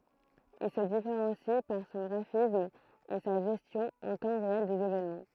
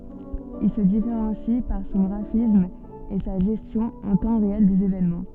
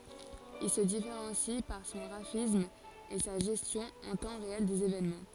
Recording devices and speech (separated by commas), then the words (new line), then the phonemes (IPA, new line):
throat microphone, soft in-ear microphone, forehead accelerometer, read sentence
Il se différencie par son graphisme et sa gestion en temps réel des événements.
il sə difeʁɑ̃si paʁ sɔ̃ ɡʁafism e sa ʒɛstjɔ̃ ɑ̃ tɑ̃ ʁeɛl dez evenmɑ̃